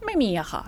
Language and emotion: Thai, frustrated